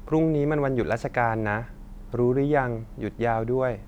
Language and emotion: Thai, neutral